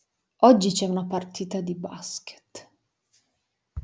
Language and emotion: Italian, disgusted